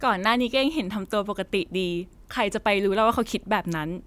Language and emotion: Thai, happy